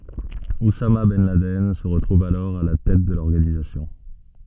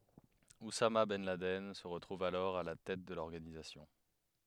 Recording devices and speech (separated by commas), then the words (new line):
soft in-ear microphone, headset microphone, read sentence
Oussama ben Laden se retrouve alors à la tête de l'organisation.